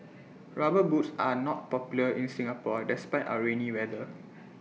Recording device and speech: mobile phone (iPhone 6), read sentence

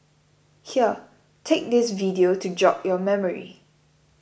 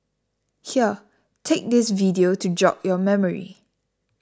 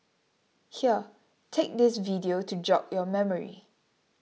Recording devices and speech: boundary microphone (BM630), standing microphone (AKG C214), mobile phone (iPhone 6), read sentence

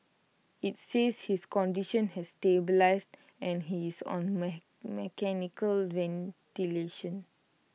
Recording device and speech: mobile phone (iPhone 6), read sentence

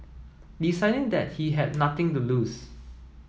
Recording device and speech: mobile phone (iPhone 7), read sentence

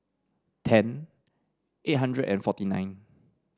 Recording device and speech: standing microphone (AKG C214), read sentence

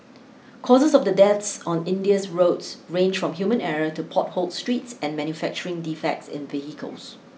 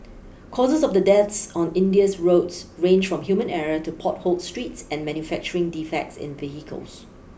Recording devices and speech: mobile phone (iPhone 6), boundary microphone (BM630), read sentence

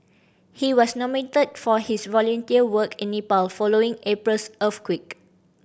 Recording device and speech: boundary microphone (BM630), read sentence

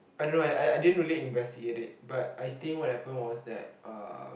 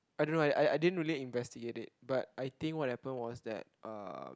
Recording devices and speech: boundary microphone, close-talking microphone, conversation in the same room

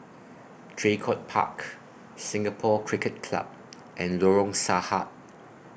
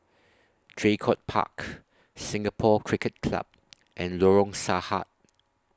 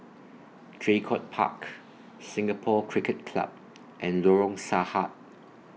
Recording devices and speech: boundary microphone (BM630), standing microphone (AKG C214), mobile phone (iPhone 6), read sentence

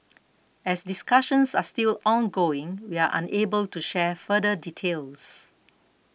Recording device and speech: boundary microphone (BM630), read sentence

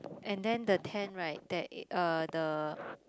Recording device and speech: close-talking microphone, conversation in the same room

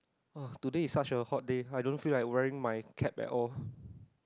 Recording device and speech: close-talking microphone, conversation in the same room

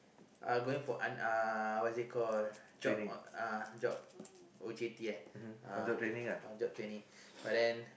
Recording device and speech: boundary microphone, conversation in the same room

